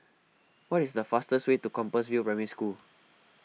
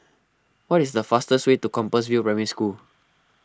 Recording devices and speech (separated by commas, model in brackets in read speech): mobile phone (iPhone 6), close-talking microphone (WH20), read sentence